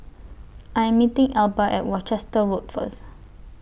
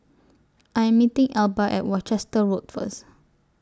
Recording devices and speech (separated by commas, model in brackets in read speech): boundary microphone (BM630), standing microphone (AKG C214), read sentence